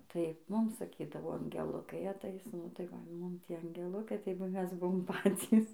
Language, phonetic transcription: Lithuanian, tai ˈmum saˈkydavo angeˈlukai aˈtais nu tai ˈva ˈmum ˈtie angeˈlukai tai ˈmes ˈbuvom ˈpacys

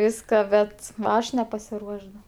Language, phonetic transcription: Lithuanian, ˈviska ˈbet ˈaš nepasiˈruošs da

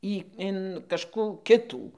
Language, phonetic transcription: Lithuanian, ˈį in kažˈkų ˈkitų

